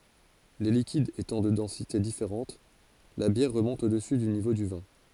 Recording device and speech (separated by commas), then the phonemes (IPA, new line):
forehead accelerometer, read sentence
le likidz etɑ̃ də dɑ̃site difeʁɑ̃t la bjɛʁ ʁəmɔ̃t odəsy dy nivo dy vɛ̃